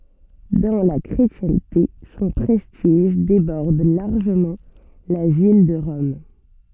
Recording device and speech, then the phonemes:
soft in-ear microphone, read sentence
dɑ̃ la kʁetjɛ̃te sɔ̃ pʁɛstiʒ debɔʁd laʁʒəmɑ̃ la vil də ʁɔm

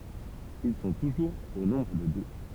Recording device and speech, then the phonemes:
temple vibration pickup, read sentence
il sɔ̃ tuʒuʁz o nɔ̃bʁ də dø

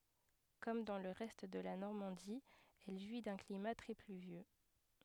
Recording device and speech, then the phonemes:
headset microphone, read sentence
kɔm dɑ̃ lə ʁɛst də la nɔʁmɑ̃di ɛl ʒwi dœ̃ klima tʁɛ plyvjø

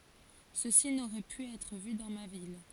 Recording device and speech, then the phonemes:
forehead accelerometer, read sentence
səsi noʁɛ py ɛtʁ vy dɑ̃ ma vil

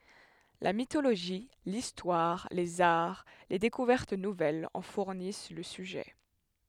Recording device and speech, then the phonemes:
headset microphone, read sentence
la mitoloʒi listwaʁ lez aʁ le dekuvɛʁt nuvɛlz ɑ̃ fuʁnis lə syʒɛ

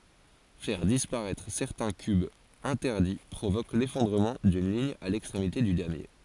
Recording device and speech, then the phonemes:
forehead accelerometer, read sentence
fɛʁ dispaʁɛtʁ sɛʁtɛ̃ kybz ɛ̃tɛʁdi pʁovok lefɔ̃dʁəmɑ̃ dyn liɲ a lɛkstʁemite dy damje

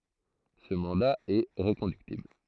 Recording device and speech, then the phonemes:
throat microphone, read sentence
sə mɑ̃da ɛ ʁəkɔ̃dyktibl

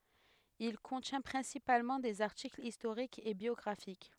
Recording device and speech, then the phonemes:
headset microphone, read sentence
il kɔ̃tjɛ̃ pʁɛ̃sipalmɑ̃ dez aʁtiklz istoʁikz e bjɔɡʁafik

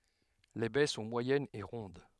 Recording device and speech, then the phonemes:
headset microphone, read sentence
le bɛ sɔ̃ mwajɛnz e ʁɔ̃d

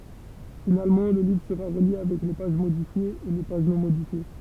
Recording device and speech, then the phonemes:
temple vibration pickup, read sentence
finalmɑ̃ lə livʁ səʁa ʁəlje avɛk le paʒ modifjez e le paʒ nɔ̃ modifje

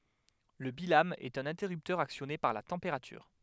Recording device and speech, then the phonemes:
headset microphone, read sentence
lə bilam ɛt œ̃n ɛ̃tɛʁyptœʁ aksjɔne paʁ la tɑ̃peʁatyʁ

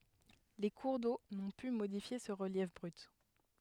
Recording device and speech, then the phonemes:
headset microphone, read sentence
le kuʁ do nɔ̃ py modifje sə ʁəljɛf bʁyt

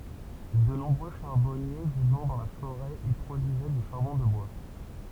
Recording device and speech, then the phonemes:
temple vibration pickup, read sentence
də nɔ̃bʁø ʃaʁbɔnje vivɑ̃ dɑ̃ la foʁɛ i pʁodyizɛ dy ʃaʁbɔ̃ də bwa

